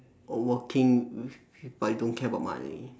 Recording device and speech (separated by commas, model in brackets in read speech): standing microphone, conversation in separate rooms